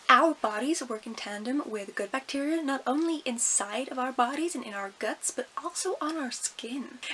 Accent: bad American accent